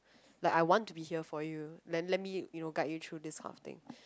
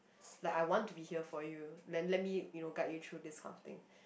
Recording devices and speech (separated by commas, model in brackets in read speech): close-talking microphone, boundary microphone, conversation in the same room